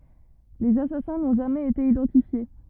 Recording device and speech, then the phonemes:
rigid in-ear microphone, read sentence
lez asasɛ̃ nɔ̃ ʒamɛz ete idɑ̃tifje

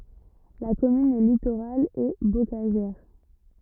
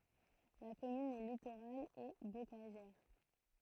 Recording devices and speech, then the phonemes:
rigid in-ear microphone, throat microphone, read sentence
la kɔmyn ɛ litoʁal e bokaʒɛʁ

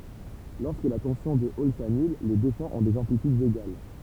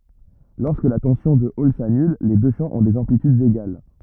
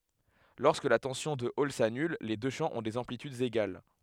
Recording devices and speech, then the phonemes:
temple vibration pickup, rigid in-ear microphone, headset microphone, read sentence
lɔʁskə la tɑ̃sjɔ̃ də ɔl sanyl le dø ʃɑ̃ ɔ̃ dez ɑ̃plitydz eɡal

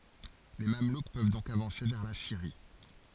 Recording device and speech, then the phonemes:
forehead accelerometer, read sentence
le mamluk pøv dɔ̃k avɑ̃se vɛʁ la siʁi

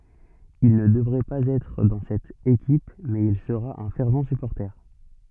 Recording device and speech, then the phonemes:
soft in-ear microphone, read sentence
il nə dəvʁɛ paz ɛtʁ dɑ̃ sɛt ekip mɛz il səʁa œ̃ fɛʁv sypɔʁte

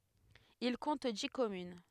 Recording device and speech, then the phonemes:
headset microphone, read sentence
il kɔ̃t di kɔmyn

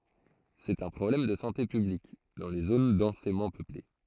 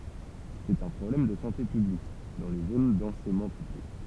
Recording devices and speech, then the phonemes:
throat microphone, temple vibration pickup, read sentence
sɛt œ̃ pʁɔblɛm də sɑ̃te pyblik dɑ̃ le zon dɑ̃semɑ̃ pøple

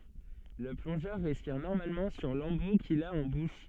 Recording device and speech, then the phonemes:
soft in-ear microphone, read sentence
lə plɔ̃ʒœʁ ʁɛspiʁ nɔʁmalmɑ̃ syʁ lɑ̃bu kil a ɑ̃ buʃ

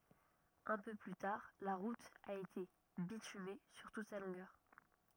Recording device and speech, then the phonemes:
rigid in-ear microphone, read sentence
œ̃ pø ply taʁ la ʁut a ete bityme syʁ tut sa lɔ̃ɡœʁ

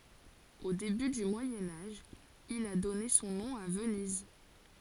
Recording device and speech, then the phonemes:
forehead accelerometer, read sentence
o deby dy mwajɛ̃ aʒ il a dɔne sɔ̃ nɔ̃ a vəniz

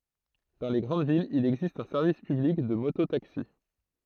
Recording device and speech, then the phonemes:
throat microphone, read sentence
dɑ̃ le ɡʁɑ̃d vilz il ɛɡzist œ̃ sɛʁvis pyblik də moto taksi

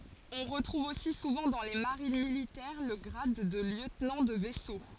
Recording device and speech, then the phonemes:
forehead accelerometer, read sentence
ɔ̃ ʁətʁuv osi suvɑ̃ dɑ̃ le maʁin militɛʁ lə ɡʁad də ljøtnɑ̃ də vɛso

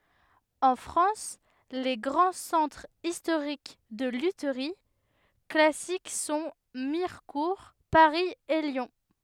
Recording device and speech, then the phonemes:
headset microphone, read sentence
ɑ̃ fʁɑ̃s le ɡʁɑ̃ sɑ̃tʁz istoʁik də lytʁi klasik sɔ̃ miʁkuʁ paʁi e ljɔ̃

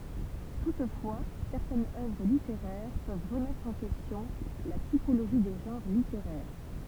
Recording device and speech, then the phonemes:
temple vibration pickup, read sentence
tutfwa sɛʁtɛnz œvʁ liteʁɛʁ pøv ʁəmɛtʁ ɑ̃ kɛstjɔ̃ la tipoloʒi de ʒɑ̃ʁ liteʁɛʁ

